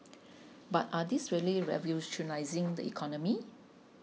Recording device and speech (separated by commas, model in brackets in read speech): mobile phone (iPhone 6), read sentence